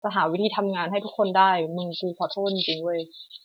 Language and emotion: Thai, frustrated